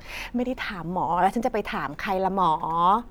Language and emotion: Thai, frustrated